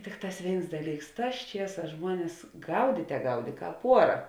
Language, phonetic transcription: Lithuanian, ˈtikˌtās ˈvėins ˈdaˌlyks ˈtās ˈčieˌsās ˈžmuones ˈgaudyte ˈgaudė ˈkāp ˈuora

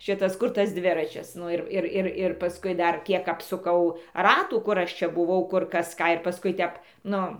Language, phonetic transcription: Lithuanian, ˈšitas ˈkur tas ˈdviračis ˈnu ir ˈir ˈir ir paˈskui ˈdar ˈkiek apsuˈkau ˈratų ˈkur ˈaš ˈčia buˈvau ˈkur ˈkas ˈką ir paˈskui ˈtep ˈnu

